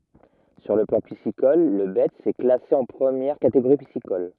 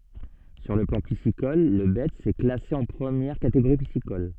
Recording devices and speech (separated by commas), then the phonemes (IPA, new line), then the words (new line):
rigid in-ear microphone, soft in-ear microphone, read sentence
syʁ lə plɑ̃ pisikɔl lə bɛts ɛ klase ɑ̃ pʁəmjɛʁ kateɡoʁi pisikɔl
Sur le plan piscicole, le Betz est classé en première catégorie piscicole.